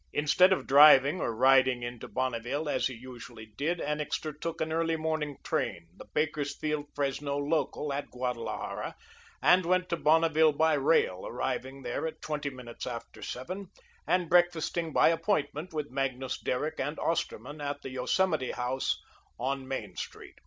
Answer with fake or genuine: genuine